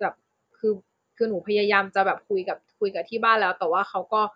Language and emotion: Thai, frustrated